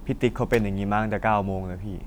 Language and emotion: Thai, frustrated